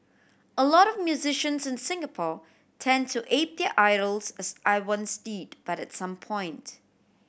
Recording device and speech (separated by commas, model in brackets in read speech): boundary microphone (BM630), read sentence